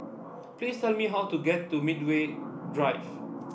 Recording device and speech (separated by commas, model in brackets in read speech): boundary microphone (BM630), read sentence